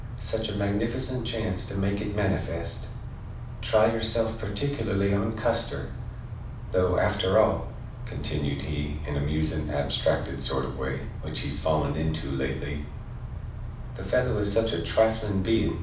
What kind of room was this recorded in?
A medium-sized room (about 5.7 m by 4.0 m).